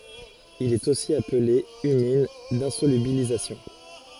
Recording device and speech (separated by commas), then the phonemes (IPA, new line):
forehead accelerometer, read sentence
il ɛt osi aple ymin dɛ̃solybilizasjɔ̃